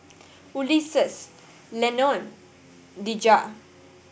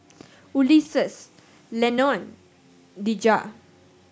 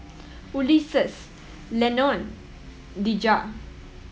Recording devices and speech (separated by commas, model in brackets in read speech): boundary microphone (BM630), standing microphone (AKG C214), mobile phone (iPhone 7), read sentence